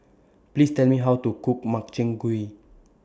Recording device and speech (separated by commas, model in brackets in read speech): standing microphone (AKG C214), read sentence